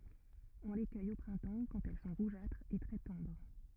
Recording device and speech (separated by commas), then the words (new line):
rigid in-ear microphone, read sentence
On les cueille au printemps quand elles sont rougeâtres et très tendres.